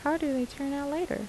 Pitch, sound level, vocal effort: 285 Hz, 78 dB SPL, soft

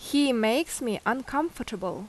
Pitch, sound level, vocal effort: 245 Hz, 82 dB SPL, loud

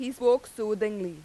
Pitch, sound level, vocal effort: 220 Hz, 92 dB SPL, very loud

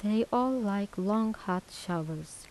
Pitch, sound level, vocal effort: 200 Hz, 81 dB SPL, soft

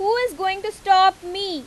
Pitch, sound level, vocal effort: 380 Hz, 96 dB SPL, very loud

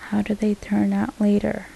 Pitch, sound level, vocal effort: 210 Hz, 74 dB SPL, soft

